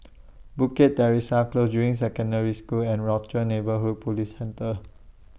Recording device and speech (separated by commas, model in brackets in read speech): boundary microphone (BM630), read sentence